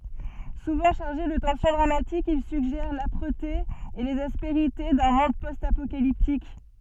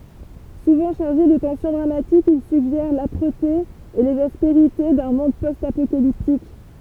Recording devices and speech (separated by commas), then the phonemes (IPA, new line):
soft in-ear microphone, temple vibration pickup, read sentence
suvɑ̃ ʃaʁʒe də tɑ̃sjɔ̃ dʁamatik il syɡʒɛʁ lapʁəte e lez aspeʁite dœ̃ mɔ̃d pɔst apokaliptik